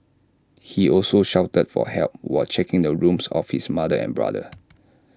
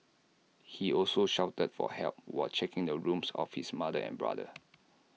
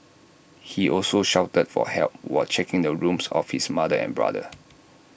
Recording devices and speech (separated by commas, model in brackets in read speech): standing microphone (AKG C214), mobile phone (iPhone 6), boundary microphone (BM630), read sentence